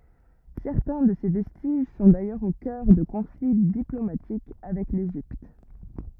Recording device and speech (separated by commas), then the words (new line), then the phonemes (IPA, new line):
rigid in-ear microphone, read sentence
Certains de ces vestiges sont d'ailleurs au cœur de conflits diplomatiques avec l'Égypte.
sɛʁtɛ̃ də se vɛstiʒ sɔ̃ dajœʁz o kœʁ də kɔ̃fli diplomatik avɛk leʒipt